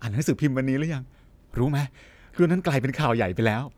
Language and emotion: Thai, happy